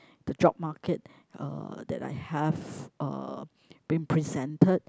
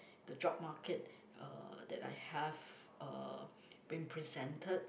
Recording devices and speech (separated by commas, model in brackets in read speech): close-talking microphone, boundary microphone, conversation in the same room